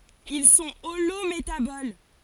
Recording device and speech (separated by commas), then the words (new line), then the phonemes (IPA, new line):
forehead accelerometer, read sentence
Ils sont holométaboles.
il sɔ̃ olometabol